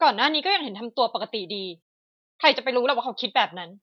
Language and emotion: Thai, angry